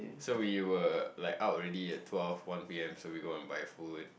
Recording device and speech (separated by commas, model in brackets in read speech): boundary microphone, conversation in the same room